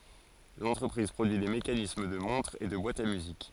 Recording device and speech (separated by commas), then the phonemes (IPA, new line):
forehead accelerometer, read sentence
lɑ̃tʁəpʁiz pʁodyi de mekanism də mɔ̃tʁz e də bwatz a myzik